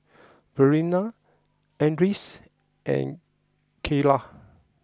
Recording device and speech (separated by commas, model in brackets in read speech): close-talking microphone (WH20), read sentence